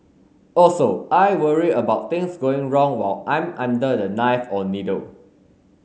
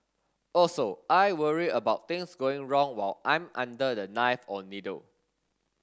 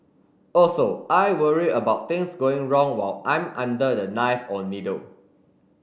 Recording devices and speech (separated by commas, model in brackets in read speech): mobile phone (Samsung S8), standing microphone (AKG C214), boundary microphone (BM630), read sentence